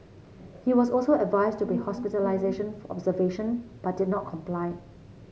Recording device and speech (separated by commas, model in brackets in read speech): mobile phone (Samsung C7), read sentence